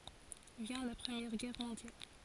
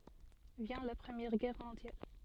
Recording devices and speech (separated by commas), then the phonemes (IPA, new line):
forehead accelerometer, soft in-ear microphone, read sentence
vjɛ̃ la pʁəmjɛʁ ɡɛʁ mɔ̃djal